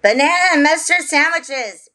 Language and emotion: English, surprised